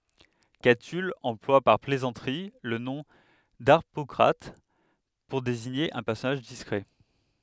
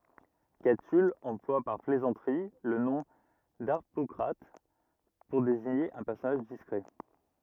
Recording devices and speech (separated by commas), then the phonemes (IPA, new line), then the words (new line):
headset microphone, rigid in-ear microphone, read sentence
katyl ɑ̃plwa paʁ plɛzɑ̃tʁi lə nɔ̃ daʁpɔkʁat puʁ deziɲe œ̃ pɛʁsɔnaʒ diskʁɛ
Catulle emploie par plaisanterie le nom d'Harpocrate pour désigner un personnage discret.